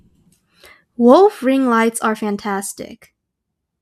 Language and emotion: English, sad